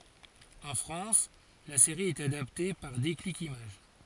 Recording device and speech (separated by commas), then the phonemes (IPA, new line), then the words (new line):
forehead accelerometer, read sentence
ɑ̃ fʁɑ̃s la seʁi ɛt adapte paʁ deklik imaʒ
En France, la série est adaptée par Déclic Images.